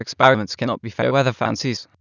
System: TTS, waveform concatenation